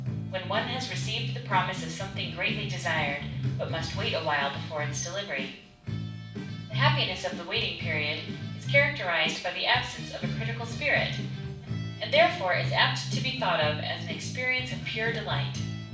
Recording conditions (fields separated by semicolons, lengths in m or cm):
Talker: one person; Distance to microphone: 5.8 m; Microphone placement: far; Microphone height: 1.8 m; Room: medium-sized (5.7 m by 4.0 m); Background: music